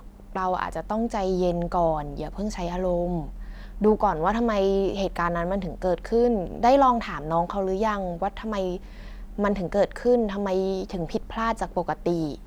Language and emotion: Thai, neutral